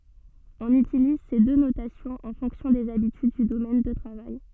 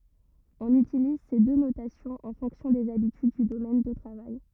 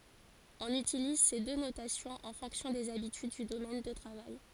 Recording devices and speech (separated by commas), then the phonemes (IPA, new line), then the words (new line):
soft in-ear microphone, rigid in-ear microphone, forehead accelerometer, read sentence
ɔ̃n ytiliz se dø notasjɔ̃z ɑ̃ fɔ̃ksjɔ̃ dez abityd dy domɛn də tʁavaj
On utilise ces deux notations en fonction des habitudes du domaine de travail.